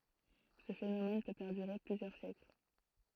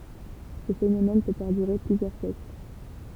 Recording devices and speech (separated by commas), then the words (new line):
throat microphone, temple vibration pickup, read sentence
Ce phénomène peut perdurer plusieurs siècles.